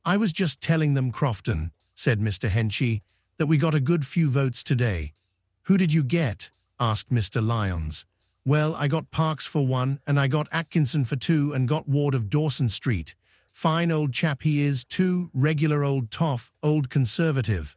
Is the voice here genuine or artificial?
artificial